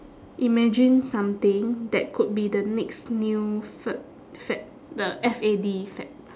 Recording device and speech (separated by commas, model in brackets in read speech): standing microphone, conversation in separate rooms